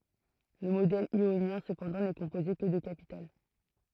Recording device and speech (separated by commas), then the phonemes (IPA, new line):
throat microphone, read sentence
lə modɛl jonjɛ̃ səpɑ̃dɑ̃ nɛ kɔ̃poze kə də kapital